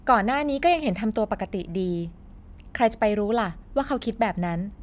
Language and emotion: Thai, neutral